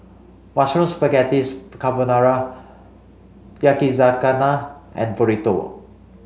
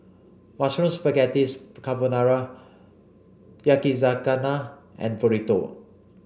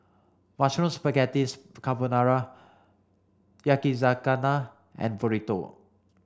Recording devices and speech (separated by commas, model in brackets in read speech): mobile phone (Samsung C5), boundary microphone (BM630), standing microphone (AKG C214), read sentence